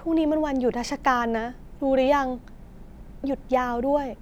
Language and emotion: Thai, frustrated